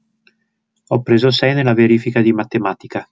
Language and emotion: Italian, neutral